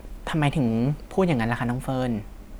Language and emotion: Thai, frustrated